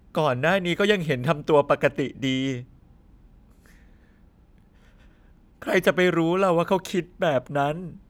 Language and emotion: Thai, sad